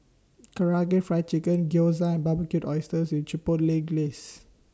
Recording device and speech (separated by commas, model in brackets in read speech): standing microphone (AKG C214), read sentence